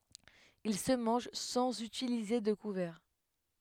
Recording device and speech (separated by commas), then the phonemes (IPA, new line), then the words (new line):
headset microphone, read sentence
il sə mɑ̃ʒ sɑ̃z ytilize də kuvɛʁ
Il se mange sans utiliser de couverts.